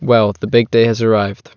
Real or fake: real